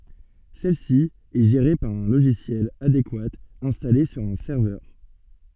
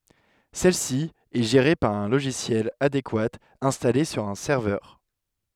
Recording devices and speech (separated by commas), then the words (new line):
soft in-ear microphone, headset microphone, read sentence
Celle-ci est gérée par un logiciel adéquat installé sur un serveur.